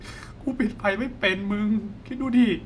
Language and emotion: Thai, sad